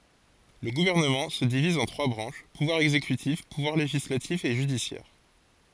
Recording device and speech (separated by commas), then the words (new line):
forehead accelerometer, read sentence
Le gouvernement se divise en trois branches, pouvoir exécutif, pouvoir législatif et judiciaire.